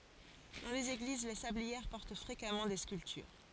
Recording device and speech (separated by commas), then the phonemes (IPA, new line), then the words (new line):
forehead accelerometer, read sentence
dɑ̃ lez eɡliz le sabliɛʁ pɔʁt fʁekamɑ̃ de skyltyʁ
Dans les églises, les sablières portent fréquemment des sculptures.